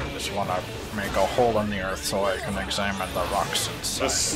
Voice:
nerd voice